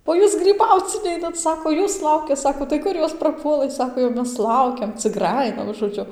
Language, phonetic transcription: Lithuanian, o ˈjūs gryˈbauc ˈneinat ˈsako ˈjūs ˈlaukia ˈsako tai ˈkur ˈjos praˈpuolɘ ˈsako jau ˈmes ˈlaukiam cik ˈgrajina žoˈdžiu

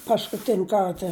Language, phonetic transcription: Lithuanian, paskuˈtin' ˈkarta

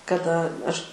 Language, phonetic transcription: Lithuanian, kaˈda ˈaš

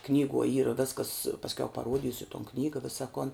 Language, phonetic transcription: Lithuanian, ˈknyguo ˈyra ˈveskas pasˈkiau paˈruodysiu ton ˈknyga ˈvisa kon

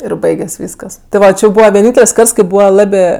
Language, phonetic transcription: Lithuanian, ir ˈbaiges' ˈvyskas ti ˈva ˈči jau ˈbūva vieˈnyntel's' ˈkarts kai ˈbūva ˈlabė

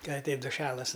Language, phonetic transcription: Lithuanian, ˈka aˈteit duˈšelas

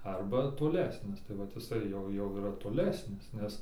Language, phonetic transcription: Lithuanian, ˈarba toˈlesnis tai vat iˈsai jau ˈjau yˈra toˈlesnis ˈnes

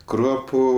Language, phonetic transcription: Lithuanian, ˈkruopu

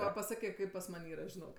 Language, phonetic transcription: Lithuanian, ˈva paˈsakė ˈkaip pas ˈman' ˈyra žiˈnok

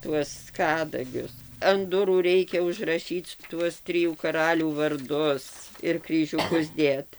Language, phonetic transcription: Lithuanian, ˈtuos ˈkadagius an ˈdurų ˈreikia užraˈšyc ˈtuos ˈtrijų ˈkaralių varˈdus ir kryžiuˈkus ˈdėt

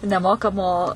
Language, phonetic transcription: Lithuanian, neˈmokamo

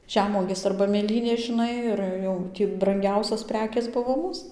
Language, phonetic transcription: Lithuanian, ˈžemuogės arba mėˈlynės žiˈnai ir ˈjau ˈtį branˈgiausios ˈprekės ˈbuvo ˈmūs

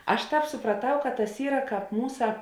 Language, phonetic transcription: Lithuanian, ˈaš ˈtāp supraˈtau kad tas ˈyra ˈkāp ˈmūsa

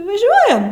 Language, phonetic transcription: Lithuanian, vaˈžiuojam

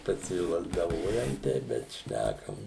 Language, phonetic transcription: Lithuanian, pasilazdaˈvojam ˈteip bet ˈšnækam

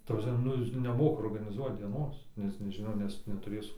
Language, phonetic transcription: Lithuanian, ta prasˈme ˈnu ˈjis neˈmoka organiˈzuot dieˈnos nes neˈžino nes netuˈrės

